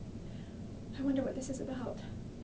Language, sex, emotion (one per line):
English
female
fearful